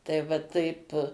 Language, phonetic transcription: Lithuanian, tai va ˈtaip

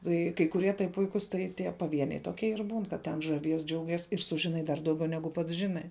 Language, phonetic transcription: Lithuanian, tai kai kuˈrie tai ˈpuikus tai tie paˈvieniai toˈkie ir būn kad ten žaˈvies ˈdžiauˌgies ir ˈsužiˌnai dar dauˈgiau ˈnegu pats ˈžinai

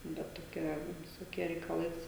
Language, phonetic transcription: Lithuanian, ˈbet toˈkia visoˈkie reikaˈlais

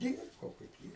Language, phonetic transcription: Lithuanian, ˈdyrbau kaip ˈjie

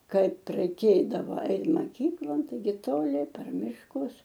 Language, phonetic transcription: Lithuanian, ˈkaip raiˈkėdava ˈait maˈkyklon taiˈgi toˈli per mišˈkus

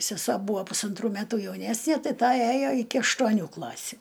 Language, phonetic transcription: Lithuanian, seˈsuo ˈbūa pusanˈtrų ˈmetų jauˈnesnie ˈtai ˈta ˈæjo iki aštuoˈnių ˈklasiu

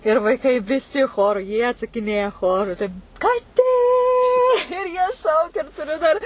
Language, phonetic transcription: Lithuanian, ir vaiˈkai viˈsi ˈchoru jie atsakiˈnėja ˈchoru tai kaˈtė jie ˈšaukia ir tuˈriu dar

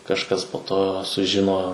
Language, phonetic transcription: Lithuanian, kažˈkas po to suˈžino

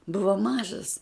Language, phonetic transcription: Lithuanian, ˈbuvo ˈmažas

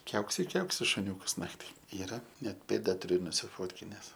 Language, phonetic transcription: Lithuanian, ˈkiauksi i ˈkiauksi šuˈniūkas ˈnakti ˈyra ˈnet ˈpėda tuˈriu nusiˈfotkines

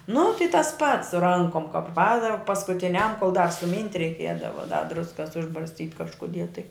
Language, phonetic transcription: Lithuanian, nu tai tas pats su ˈrankom kap ˈpadav paskutiˈniam kol dar suˈmynt' reiˈkiedava da ˈdruskas užbarsˈtyt' kažkuˈdie tai

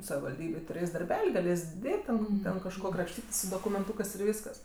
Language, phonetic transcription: Lithuanian, savivalˈdybėj tuˈrės' darˈbel' i gaˈlės' ˈdėt ten ˈten kažˈko krapˈštytės' su dokumenˈtūkɜs ir ˈvyskas

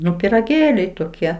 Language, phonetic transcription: Lithuanian, ˈnu piraˈgėliai toˈkie

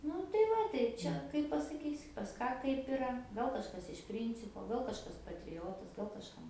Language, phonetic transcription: Lithuanian, ˈnu tai ˈva tai ˈčia kaip pasaˈkysi pas ˈką ˈkaip iˈra ˈgal kažˈkas iš ˈpryncipo ˈgal kažˈkas patriˈjotas gal kažˈkam

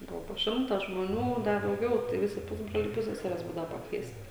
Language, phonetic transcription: Lithuanian, ˈbuvo po ˈšimta žmoˈnių ˈda dauˈgiau tai ˈvisi ˈpusbroliai ˈpusseseres ˈbūdava pakˈviesti

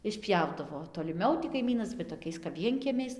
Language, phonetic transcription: Lithuanian, išˈpjaudavo toliˈmiau ti kaiˈmynas va toˈkiais kap ˈvienkiemiais

